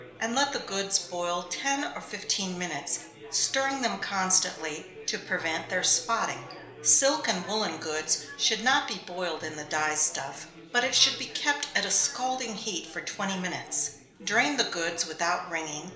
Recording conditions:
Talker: one person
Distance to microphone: 1.0 m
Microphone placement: close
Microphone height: 1.1 m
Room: small (3.7 m by 2.7 m)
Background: babble

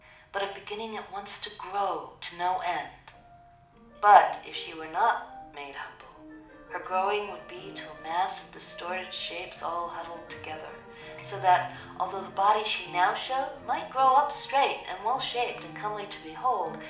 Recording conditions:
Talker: one person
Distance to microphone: 2.0 m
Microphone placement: close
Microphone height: 99 cm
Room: medium-sized (5.7 m by 4.0 m)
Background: music

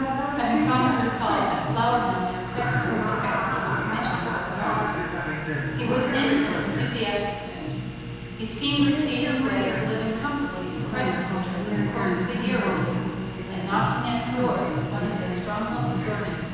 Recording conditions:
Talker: one person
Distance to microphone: 7.1 m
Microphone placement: far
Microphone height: 1.7 m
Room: very reverberant, large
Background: television

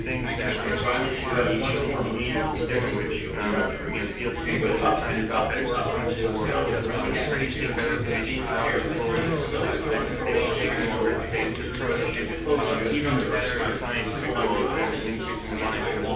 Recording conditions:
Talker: one person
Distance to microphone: 9.8 m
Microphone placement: far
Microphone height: 1.8 m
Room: large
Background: babble

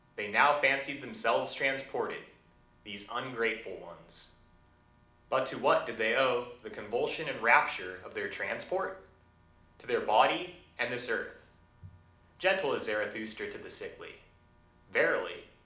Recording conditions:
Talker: one person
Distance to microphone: 2.0 m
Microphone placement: close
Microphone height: 99 cm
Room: medium-sized (5.7 m by 4.0 m)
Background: none

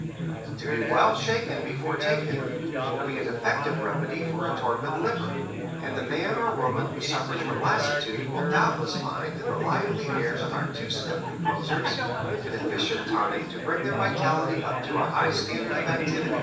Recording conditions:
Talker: one person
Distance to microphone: 9.8 m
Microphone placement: far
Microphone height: 1.8 m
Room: large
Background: babble

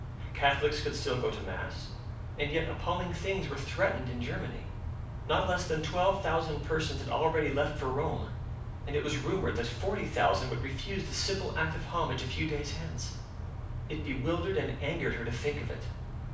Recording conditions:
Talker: one person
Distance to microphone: 5.8 m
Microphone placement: far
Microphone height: 1.8 m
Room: medium-sized (5.7 m by 4.0 m)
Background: none

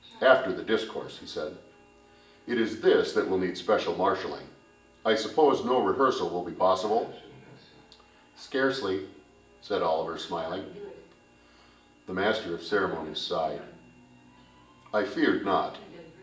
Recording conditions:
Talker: one person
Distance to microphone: 1.8 m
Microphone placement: close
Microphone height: 1.0 m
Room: large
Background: television

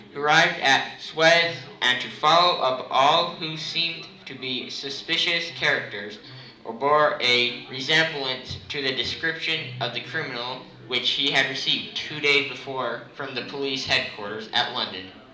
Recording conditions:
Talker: one person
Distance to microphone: 2.0 m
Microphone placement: close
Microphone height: 99 cm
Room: medium-sized (5.7 m by 4.0 m)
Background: babble

